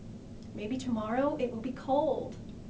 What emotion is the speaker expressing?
sad